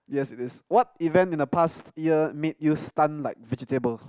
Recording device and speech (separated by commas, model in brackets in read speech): close-talking microphone, conversation in the same room